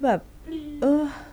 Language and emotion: Thai, frustrated